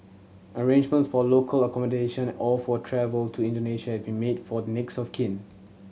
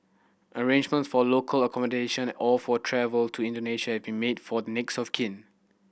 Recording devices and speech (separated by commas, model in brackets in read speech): mobile phone (Samsung C7100), boundary microphone (BM630), read sentence